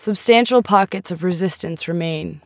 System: none